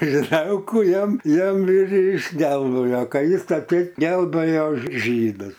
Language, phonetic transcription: Lithuanian, žiˈdelkų ˈjam ˈjam ir iš ˈdelno joˈkais atˈseit gelˈbɘjo ˈžydus

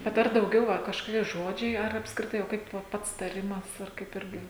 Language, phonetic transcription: Lithuanian, bet ˈar dauˈgiau ˈva kažkoˈkie ˈžodžiai ar apskriˈtai o ˈkaip va ˈpats taˈrimas ar ˈkaip ˈirgi

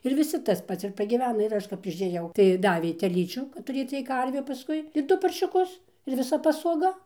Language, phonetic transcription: Lithuanian, ir viˈsi tas ˈpats ir pagyˈvena ir ˈaš kap išėˈjau tai ˈdavė teˈlyčių tuˈrėc ciek ˈkarviu paˈskui ir ˈdu paršiuˈkus ir viˈsa pasoˈga

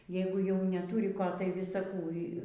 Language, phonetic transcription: Lithuanian, ˈjeigu jau neˈtūri ˈko tai ˈvisa ˈkų

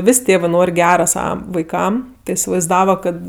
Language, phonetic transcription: Lithuanian, ˈvis' ˈtėvɜ ˈnor' ˈgera ˈsava vaiˈkam ti isivaizˈdava ˈkad

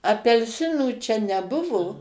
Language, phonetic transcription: Lithuanian, apelˈsinų ˈčia neˈbuvo

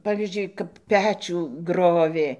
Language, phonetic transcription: Lithuanian, ˈpavyzdžiui kap ˈpečių ˈgrovė

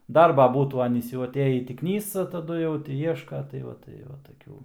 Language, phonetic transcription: Lithuanian, ˈdarba ˈbūtų ˈanys jau aˈtėjį ˈtį ˈknysa taˈdu jau ˈti ˈieška tai ˈva tai ˈva taˈkių

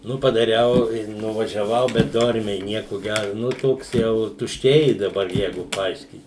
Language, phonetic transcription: Lithuanian, ˈnu padaˈriau i nuvažiaˈvau bet ˈdormiai ˈnieku ˈgæru ˈnu ˈtoks ˈjau tušˈčiai daˈbar ˈjeigu paˈaiškyt

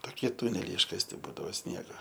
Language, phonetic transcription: Lithuanian, toˈkie ˈtuneliai iškasˈti ˈbūdavo ˈsniego

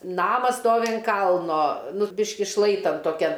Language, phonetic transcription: Lithuanian, ˈnamas ˈstovi an ˈkalno nu ˈbiški ˈšlaitan toˈkian

